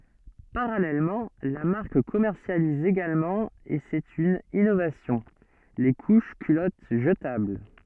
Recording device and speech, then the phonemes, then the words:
soft in-ear microphone, read sentence
paʁalɛlmɑ̃ la maʁk kɔmɛʁsjaliz eɡalmɑ̃ e sɛt yn inovasjɔ̃ le kuʃ kylɔt ʒətabl
Parallèlement, la marque commercialise également et c’est une innovation, les couches culottes jetables.

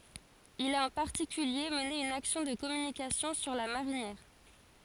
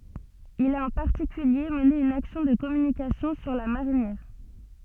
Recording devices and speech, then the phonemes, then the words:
forehead accelerometer, soft in-ear microphone, read sentence
il a ɑ̃ paʁtikylje məne yn aksjɔ̃ də kɔmynikasjɔ̃ syʁ la maʁinjɛʁ
Il a en particulier mené une action de communication sur la marinière.

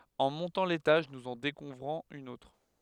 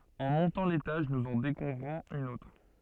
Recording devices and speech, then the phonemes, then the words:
headset microphone, soft in-ear microphone, read sentence
ɑ̃ mɔ̃tɑ̃ letaʒ nuz ɑ̃ dekuvʁɔ̃z yn otʁ
En montant l'étage, nous en découvrons une autre.

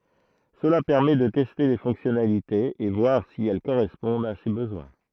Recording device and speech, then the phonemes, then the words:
throat microphone, read sentence
səla pɛʁmɛ də tɛste le fɔ̃ksjɔnalitez e vwaʁ si ɛl koʁɛspɔ̃dt a se bəzwɛ̃
Cela permet de tester les fonctionnalités et voir si elles correspondent à ses besoins.

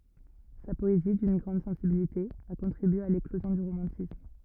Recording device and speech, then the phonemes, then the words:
rigid in-ear microphone, read sentence
sa pɔezi dyn ɡʁɑ̃d sɑ̃sibilite a kɔ̃tʁibye a leklozjɔ̃ dy ʁomɑ̃tism
Sa poésie, d'une grande sensibilité, a contribué à l'éclosion du romantisme.

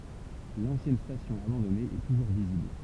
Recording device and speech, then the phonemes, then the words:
temple vibration pickup, read sentence
lɑ̃sjɛn stasjɔ̃ abɑ̃dɔne ɛ tuʒuʁ vizibl
L'ancienne station abandonnée est toujours visible.

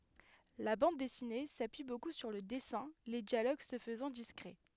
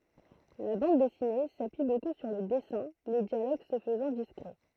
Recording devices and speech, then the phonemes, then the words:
headset microphone, throat microphone, read sentence
la bɑ̃d dɛsine sapyi boku syʁ lə dɛsɛ̃ le djaloɡ sə fəzɑ̃ diskʁɛ
La bande dessinée s'appuie beaucoup sur le dessins, les dialogues se faisant discrets.

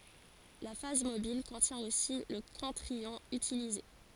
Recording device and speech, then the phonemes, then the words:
forehead accelerometer, read sentence
la faz mobil kɔ̃tjɛ̃ osi lə kɔ̃tʁ jɔ̃ ytilize
La phase mobile contient aussi le contre-ion utilisé.

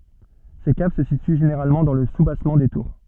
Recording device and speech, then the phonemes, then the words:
soft in-ear microphone, read sentence
se kav sə sity ʒeneʁalmɑ̃ dɑ̃ lə subasmɑ̃ de tuʁ
Ces caves se situent généralement dans le soubassement des tours.

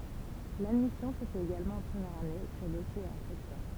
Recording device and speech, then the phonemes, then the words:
temple vibration pickup, read sentence
ladmisjɔ̃ sə fɛt eɡalmɑ̃ ɑ̃ pʁəmjɛʁ ane syʁ dɔsje e ɑ̃tʁətjɛ̃
L'admission se fait également en première année, sur dossier et entretien.

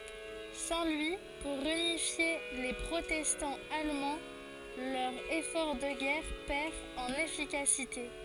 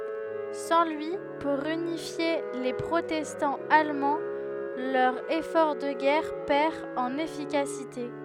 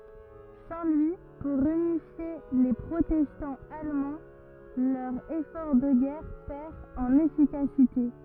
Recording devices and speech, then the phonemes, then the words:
forehead accelerometer, headset microphone, rigid in-ear microphone, read sentence
sɑ̃ lyi puʁ ynifje le pʁotɛstɑ̃z almɑ̃ lœʁ efɔʁ də ɡɛʁ pɛʁ ɑ̃n efikasite
Sans lui pour unifier les protestants allemands, leur effort de guerre perd en efficacité.

